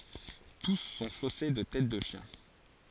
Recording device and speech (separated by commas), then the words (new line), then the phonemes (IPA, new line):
forehead accelerometer, read sentence
Tous sont chaussés de têtes de chiens.
tus sɔ̃ ʃose də tɛt də ʃjɛ̃